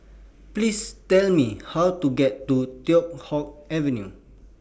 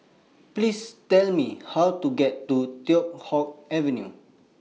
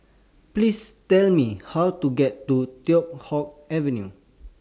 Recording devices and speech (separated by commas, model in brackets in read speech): boundary microphone (BM630), mobile phone (iPhone 6), standing microphone (AKG C214), read sentence